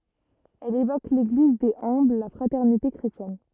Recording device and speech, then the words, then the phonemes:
rigid in-ear microphone, read sentence
Elle évoque l'Église des humbles, la fraternité chrétienne.
ɛl evok leɡliz dez œ̃bl la fʁatɛʁnite kʁetjɛn

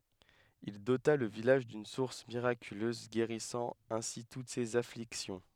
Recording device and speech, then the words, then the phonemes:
headset microphone, read sentence
Il dota le village d’une source miraculeuse guérissant ainsi toutes ces afflictions.
il dota lə vilaʒ dyn suʁs miʁakyløz ɡeʁisɑ̃ ɛ̃si tut sez afliksjɔ̃

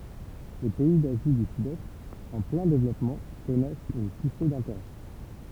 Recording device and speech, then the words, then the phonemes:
temple vibration pickup, read sentence
Les pays d'Asie du Sud-Est, en plein développement, connaissent une poussée d'intérêts.
le pɛi dazi dy sydɛst ɑ̃ plɛ̃ devlɔpmɑ̃ kɔnɛst yn puse dɛ̃teʁɛ

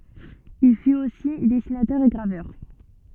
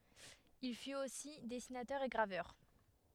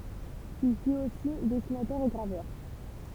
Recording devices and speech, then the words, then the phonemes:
soft in-ear microphone, headset microphone, temple vibration pickup, read sentence
Il fut aussi dessinateur et graveur.
il fyt osi dɛsinatœʁ e ɡʁavœʁ

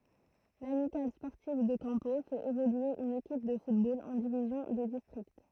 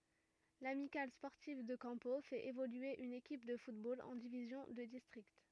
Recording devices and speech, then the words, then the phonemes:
throat microphone, rigid in-ear microphone, read sentence
L'Amicale sportive de Campeaux fait évoluer une équipe de football en division de district.
lamikal spɔʁtiv də kɑ̃po fɛt evolye yn ekip də futbol ɑ̃ divizjɔ̃ də distʁikt

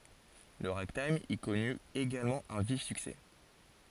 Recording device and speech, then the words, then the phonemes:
forehead accelerometer, read sentence
Le ragtime y connut également un vif succès.
lə ʁaɡtajm i kɔny eɡalmɑ̃ œ̃ vif syksɛ

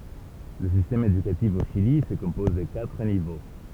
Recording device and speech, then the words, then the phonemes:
temple vibration pickup, read sentence
Le système éducatif au Chili se compose de quatre niveaux.
lə sistɛm edykatif o ʃili sə kɔ̃pɔz də katʁ nivo

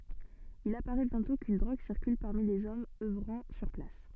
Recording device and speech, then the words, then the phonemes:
soft in-ear microphone, read sentence
Il apparaît bientôt qu'une drogue circule parmi les hommes œuvrant sur place.
il apaʁɛ bjɛ̃tɔ̃ kyn dʁoɡ siʁkyl paʁmi lez ɔmz œvʁɑ̃ syʁ plas

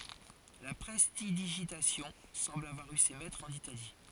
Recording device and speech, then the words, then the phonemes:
forehead accelerometer, read sentence
La prestidigitation semble avoir eu ses maîtres en Italie.
la pʁɛstidiʒitasjɔ̃ sɑ̃bl avwaʁ y se mɛtʁz ɑ̃n itali

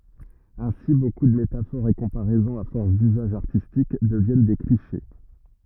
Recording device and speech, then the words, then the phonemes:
rigid in-ear microphone, read sentence
Ainsi, beaucoup de métaphores et comparaisons à force d'usage artistique deviennent des clichés.
ɛ̃si boku də metafoʁz e kɔ̃paʁɛzɔ̃z a fɔʁs dyzaʒ aʁtistik dəvjɛn de kliʃe

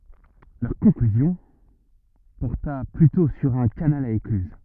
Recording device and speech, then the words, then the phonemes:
rigid in-ear microphone, read sentence
Leur conclusion porta plutôt sur un canal à écluses.
lœʁ kɔ̃klyzjɔ̃ pɔʁta plytɔ̃ syʁ œ̃ kanal a eklyz

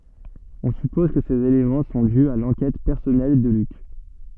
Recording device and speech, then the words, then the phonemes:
soft in-ear microphone, read sentence
On suppose que ces éléments sont dus à l’enquête personnelle de Luc.
ɔ̃ sypɔz kə sez elemɑ̃ sɔ̃ dy a lɑ̃kɛt pɛʁsɔnɛl də lyk

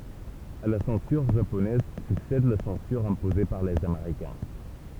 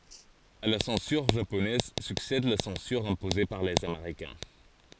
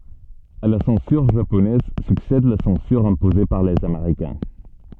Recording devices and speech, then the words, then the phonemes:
temple vibration pickup, forehead accelerometer, soft in-ear microphone, read sentence
À la censure japonaise succède la censure imposée par les Américains.
a la sɑ̃syʁ ʒaponɛz syksɛd la sɑ̃syʁ ɛ̃poze paʁ lez ameʁikɛ̃

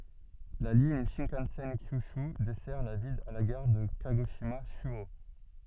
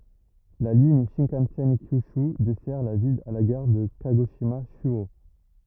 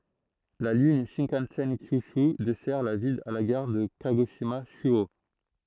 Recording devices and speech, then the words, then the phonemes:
soft in-ear microphone, rigid in-ear microphone, throat microphone, read sentence
La ligne Shinkansen Kyūshū dessert la ville à la gare de Kagoshima-Chūō.
la liɲ ʃɛ̃kɑ̃sɛn kjyʃy dɛsɛʁ la vil a la ɡaʁ də kaɡoʃima ʃyo

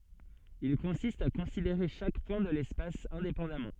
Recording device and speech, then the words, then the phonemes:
soft in-ear microphone, read sentence
Il consiste à considérer chaque point de l'espace indépendamment.
il kɔ̃sist a kɔ̃sideʁe ʃak pwɛ̃ də lɛspas ɛ̃depɑ̃damɑ̃

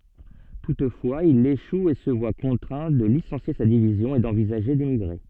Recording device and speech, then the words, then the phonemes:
soft in-ear microphone, read sentence
Toutefois il échoue et se voit contraint de licencier sa division et d'envisager d'émigrer.
tutfwaz il eʃu e sə vwa kɔ̃tʁɛ̃ də lisɑ̃sje sa divizjɔ̃ e dɑ̃vizaʒe demiɡʁe

